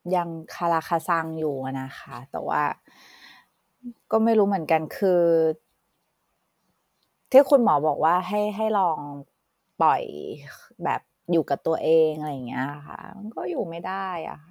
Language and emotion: Thai, frustrated